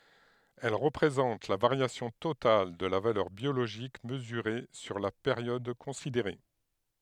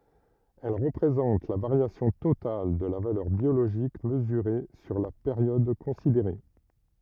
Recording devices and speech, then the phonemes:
headset microphone, rigid in-ear microphone, read sentence
ɛl ʁəpʁezɑ̃t la vaʁjasjɔ̃ total də la valœʁ bjoloʒik məzyʁe syʁ la peʁjɔd kɔ̃sideʁe

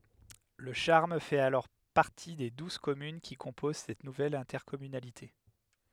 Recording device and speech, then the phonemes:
headset microphone, read sentence
lə ʃaʁm fɛt alɔʁ paʁti de duz kɔmyn ki kɔ̃poz sɛt nuvɛl ɛ̃tɛʁkɔmynalite

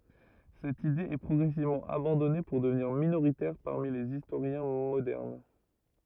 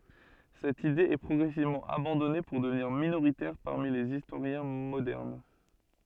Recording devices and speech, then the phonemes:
rigid in-ear microphone, soft in-ear microphone, read sentence
sɛt ide ɛ pʁɔɡʁɛsivmɑ̃ abɑ̃dɔne puʁ dəvniʁ minoʁitɛʁ paʁmi lez istoʁjɛ̃ modɛʁn

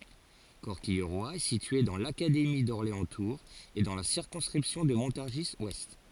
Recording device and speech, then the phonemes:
forehead accelerometer, read sentence
kɔʁkijʁwa ɛ sitye dɑ̃ lakademi dɔʁleɑ̃stuʁz e dɑ̃ la siʁkɔ̃skʁipsjɔ̃ də mɔ̃taʁʒizwɛst

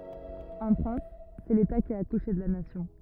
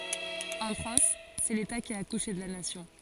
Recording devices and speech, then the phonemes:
rigid in-ear microphone, forehead accelerometer, read sentence
ɑ̃ fʁɑ̃s sɛ leta ki a akuʃe də la nasjɔ̃

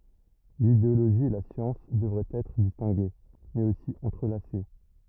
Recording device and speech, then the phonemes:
rigid in-ear microphone, read sentence
lideoloʒi e la sjɑ̃s dəvʁɛt ɛtʁ distɛ̃ɡe mɛz osi ɑ̃tʁəlase

